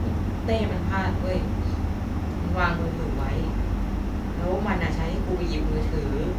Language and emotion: Thai, frustrated